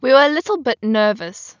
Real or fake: real